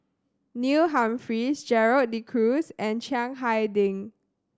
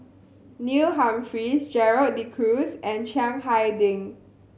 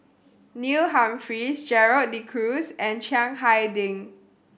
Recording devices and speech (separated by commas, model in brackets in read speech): standing microphone (AKG C214), mobile phone (Samsung C7100), boundary microphone (BM630), read sentence